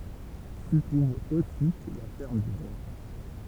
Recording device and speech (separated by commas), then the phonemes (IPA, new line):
temple vibration pickup, read sentence
si tʁuv osi la fɛʁm dy ʁwa